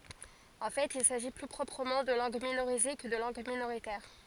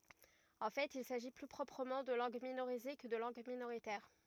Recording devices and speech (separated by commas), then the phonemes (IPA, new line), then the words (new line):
forehead accelerometer, rigid in-ear microphone, read sentence
ɑ̃ fɛt il saʒi ply pʁɔpʁəmɑ̃ də lɑ̃ɡ minoʁize kə də lɑ̃ɡ minoʁitɛʁ
En fait, il s'agit plus proprement de langues minorisées que de langues minoritaires.